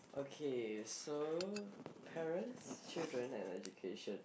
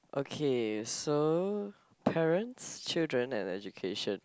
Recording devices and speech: boundary microphone, close-talking microphone, conversation in the same room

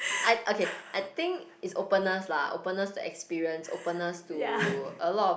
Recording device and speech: boundary microphone, conversation in the same room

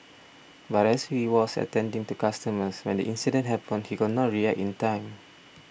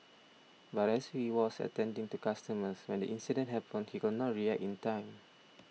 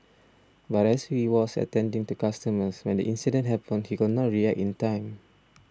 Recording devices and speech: boundary microphone (BM630), mobile phone (iPhone 6), standing microphone (AKG C214), read sentence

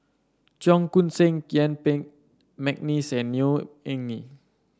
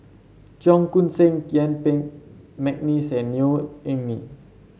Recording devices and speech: standing microphone (AKG C214), mobile phone (Samsung C7), read sentence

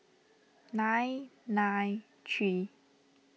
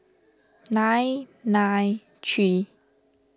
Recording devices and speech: mobile phone (iPhone 6), standing microphone (AKG C214), read sentence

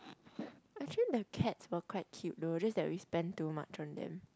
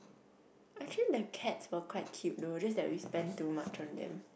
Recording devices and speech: close-talking microphone, boundary microphone, conversation in the same room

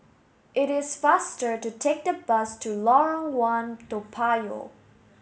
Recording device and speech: mobile phone (Samsung S8), read sentence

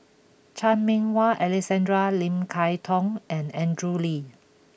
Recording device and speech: boundary microphone (BM630), read sentence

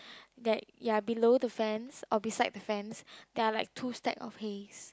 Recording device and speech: close-talking microphone, conversation in the same room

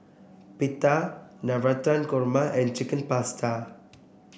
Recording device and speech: boundary microphone (BM630), read sentence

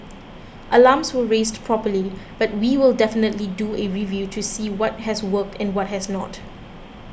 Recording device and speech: boundary microphone (BM630), read sentence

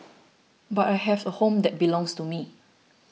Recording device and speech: mobile phone (iPhone 6), read sentence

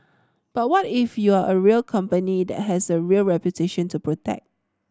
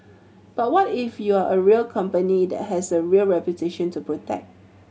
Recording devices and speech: standing microphone (AKG C214), mobile phone (Samsung C7100), read sentence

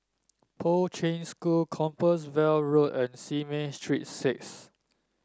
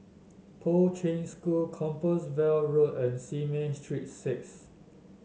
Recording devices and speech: standing microphone (AKG C214), mobile phone (Samsung S8), read sentence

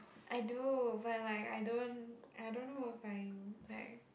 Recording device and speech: boundary microphone, conversation in the same room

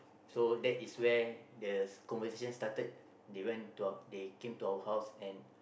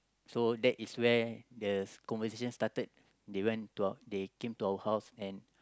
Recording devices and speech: boundary microphone, close-talking microphone, conversation in the same room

